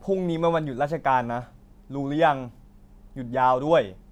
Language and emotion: Thai, neutral